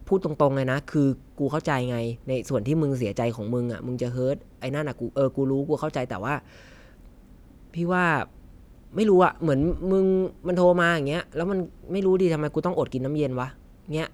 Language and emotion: Thai, frustrated